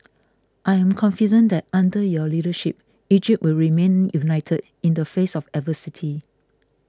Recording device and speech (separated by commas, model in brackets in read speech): close-talking microphone (WH20), read sentence